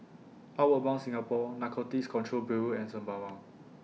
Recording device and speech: mobile phone (iPhone 6), read sentence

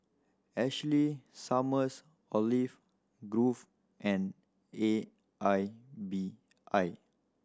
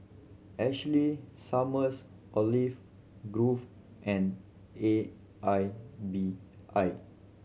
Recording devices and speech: standing microphone (AKG C214), mobile phone (Samsung C7100), read sentence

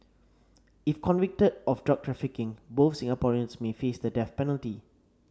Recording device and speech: standing microphone (AKG C214), read sentence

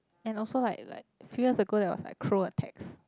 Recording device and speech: close-talking microphone, conversation in the same room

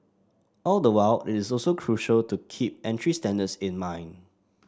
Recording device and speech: standing microphone (AKG C214), read sentence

